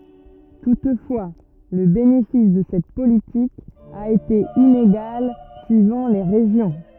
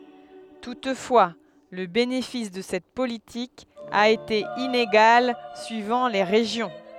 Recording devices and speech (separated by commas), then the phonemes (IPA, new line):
rigid in-ear microphone, headset microphone, read sentence
tutfwa lə benefis də sɛt politik a ete ineɡal syivɑ̃ le ʁeʒjɔ̃